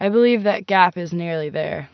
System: none